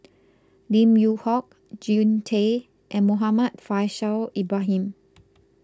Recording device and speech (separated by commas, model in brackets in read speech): close-talking microphone (WH20), read sentence